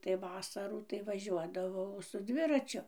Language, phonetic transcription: Lithuanian, tai ˈvasarų tai vaˈžiuodavau su ˈdviračiu

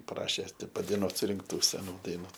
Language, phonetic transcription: Lithuanian, ˈprašė ti padaiˈnuot surinkˈtų seˈnų daiˈnų

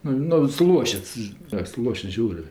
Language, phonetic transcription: Lithuanian, ˈnu nu suˈluošits a suˈluošits ˈžiaurė

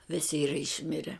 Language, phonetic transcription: Lithuanian, ˈvisi ˈyra išˈmire

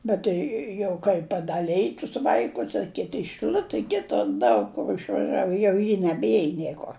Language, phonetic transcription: Lithuanian, ˈbet jau kai padaˈlej tus ˈvaikus a ˈkiti i šɨˈliute ˈkitur ˈdaug kur išvaˈžiavu jau ˈji nebˈiej ˈniekor

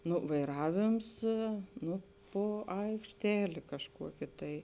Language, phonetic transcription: Lithuanian, ˈnu vaiˈravėms ˈnu ˈpo aikšˈtelė kažˈkuokė tai

